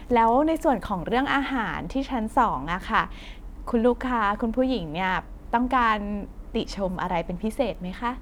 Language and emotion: Thai, neutral